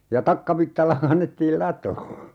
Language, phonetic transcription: Finnish, ja 'takkavittalla 'kannettiil "latoo .
- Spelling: ja takkavitsalla kannettiin latoon

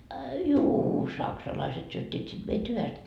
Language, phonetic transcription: Finnish, a juu , "saksalaiset syöt́t́iit sit 'meit 'hyväst .
- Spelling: a juu saksalaiset syöttivät sitten meitä hyvästi

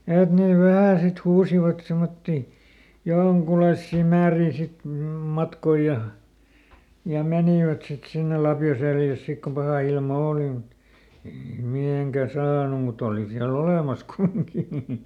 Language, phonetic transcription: Finnish, ˈet nè ˈvähä̀ sit ˈhuusivat ˈsemotti , "joŋkulaissì ˈmäärii sit m- ˈmatkoi ja , ja ˈmenìvät sit sinne "lapjo ˈseljäs ˈsik ko ˈpahà ilma "ooli mut , ei niit ˈmiheŋkä "saanu muˈt ‿òli siä"l ‿olèmas ˈkumiŋki .
- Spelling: että ne vähän sitten huusivat semmoisia jonkunlaisia määriä sitten - matkoja ja ja menivät sitten sinne lapio selässä sitten kun paha ilma oli mutta ei niitä mihinkään saanut mutta oli siellä olemassa kumminkin

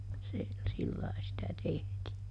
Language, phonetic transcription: Finnish, se , ˈsillai sitä ˈtehtii .
- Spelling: se sillä lailla sitä tehtiin

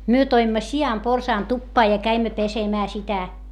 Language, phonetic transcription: Finnish, myö toimma si₍amporsaan tuppaa ja käimmä pesemää sitä .
- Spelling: me toimme sianporsaan tupaan ja kävimme pesemään sitä

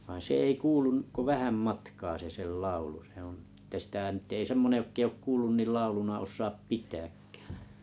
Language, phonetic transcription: Finnish, vain̬ 'se 'ei 'kuulun , ko "vähäm 'matkaa se 'sel "laulu sᵉ ‿oo̰ , ᵉtä sⁱtä nyt 'ei sᵉmmone 'jokk ‿ei ook 'kuullun nil "lauluna 'os̆saap "pit̀ääkkᴀ̈ᴀ̈ .
- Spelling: vaan se ei kuulu kuin vähän matkaa se sen laulu se on että sitä nyt ei semmoinen joka ei ole kuullut niin lauluna osaa pitääkään

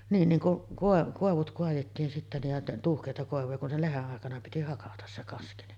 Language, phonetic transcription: Finnish, niin niŋ ku’ , 'kòev- kòevut koajettiin sittä nij ja 'tuuhkèita 'kòevuja kun se "leheˀ 'ˀàekana piti 'hakatas se 'kaski ni .
- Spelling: niin niin kun - koivut kaadettiin sitten niin ja tuuheita koivuja kun se lehden aikana piti hakata se kaski niin

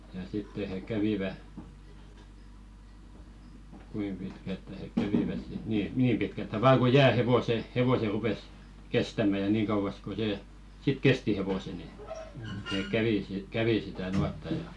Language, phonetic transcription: Finnish, ja 'sitte he 'kävivä , 'kuim pitkälttä hek "käviväs sit , nii "niim 'pitkälttä vaa ku "jää 'hevose , hevose rupes , 'kestämä ja 'niiŋ kauvas ko se , sit "kesti hevose ni , nek "kävì , 'kävi sitä 'nuatta ja .
- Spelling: ja sitten he kävivät kuinka pitkältään he kävivät sitten niin niin pitkältään vain kuin jää hevoset hevoset rupesi kestämään ja niin kauas kuin se sitten kesti hevoset niin ne kävi kävi sitä nuottaa ja

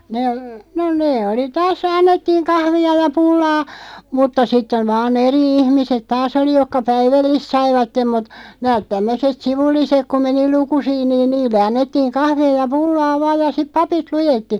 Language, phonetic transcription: Finnish, 'nee , no 'nee oli taas 'annettiiŋ "kahvi₍a ja "pullaa , 'mutta 'sitteᵛ vaa"n ‿eri 'ihmiset "taas ‿oli 'jokka "päivällist 'saivattem mut , 'nääᵗ 'tämmöset "sivulliseᵏ ku 'meni "lukusiin niin "niille 'annettiiŋ 'kahv(i₍a) ja "pullaa 'vaaj ja siᵖ "papit 'lujetti .
- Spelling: ne no ne oli taas annettiin kahvia ja pullaa mutta sitten vain eri ihmiset taas oli jotka päivällistä saivat mutta nämä tämmöiset sivulliset kun meni lukusiin niin niille annettiin kahvia ja pullaa vain ja sitten papit luetti

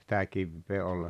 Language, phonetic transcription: Finnish, sitä 'kivvee ol ,.
- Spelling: sitä kiveä oli

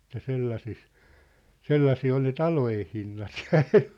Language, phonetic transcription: Finnish, että 'sellases , "sellasii ol ne "talojen̬ 'hinnat jᴀ 'ᴇɴɴᴇ .
- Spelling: että sellaisessa sellaisia oli ne talojen hinnat ja ennen

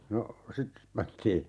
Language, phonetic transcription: Finnish, 'no , 'sit , 'pantii ,.
- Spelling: no sitten pantiin

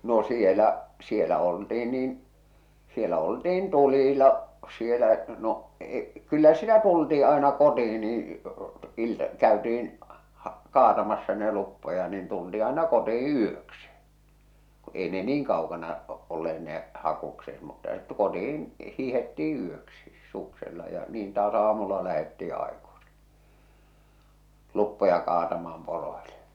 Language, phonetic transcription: Finnish, no 'sielä , 'sielä olti₍in niin , 'sielä oltiin 'tulila , sielä , no , e- , 'kyllä sitä tultii aena 'koti₍i niiḭ , iltᵃ , 'kä̀öti₍in , hᴀ- 'kaatamassa ne 'luppoja niin tulti̳ aena 'kotii "yöksɪ , kᵘ ei ne "niiŋ kaokana , olleet nè , 'hakukset mutta ᴇt- 'kotih̬in , 'hiihettii 'yöksis , suksella ja niin taas 'aamulla lähettii 'àekusi , 'luppoja kaatamaam 'poroile .
- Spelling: no siellä siellä oltiin niin siellä oltiin tulilla siellä no - kyllä sitä tultiin aina kotiin niin ilta käytiin - kaatamassa ne luppoja niin tultiin aina kotiin yöksi ka ei ne niin kaukana olleet ne hakukset mutta - kotiin hiihdettiin yöksi suksella ja niin taas aamulla lähdettiin aikaisin luppoja kaatamaan poroille

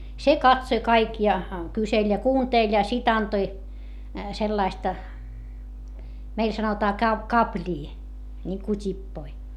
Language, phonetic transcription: Finnish, se katsoⁱ kaik ja , kyseĺ ja kuuntèĺ ja sit ‿antoi , sellaista , meil sanotaa kap- , kapĺii , ńiŋku t́ippoi .
- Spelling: se katsoi kaikki ja kyseli ja kuunteli ja sitten antoi sellaista meillä sanotaan - kaplia niin kuin tippoja

